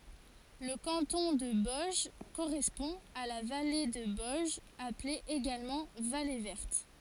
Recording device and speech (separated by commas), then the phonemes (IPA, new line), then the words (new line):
forehead accelerometer, read sentence
lə kɑ̃tɔ̃ də bɔɛʒ koʁɛspɔ̃ a la vale də bɔɛʒ aple eɡalmɑ̃ vale vɛʁt
Le canton de Boëge correspond à la vallée de Boëge appelée également vallée Verte.